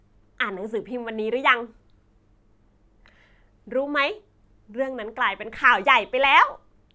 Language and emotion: Thai, happy